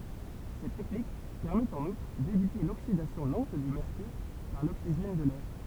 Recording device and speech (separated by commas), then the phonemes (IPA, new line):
temple vibration pickup, read sentence
sɛt tɛknik pɛʁmɛt ɑ̃n utʁ devite loksidasjɔ̃ lɑ̃t dy mɛʁkyʁ paʁ loksiʒɛn də lɛʁ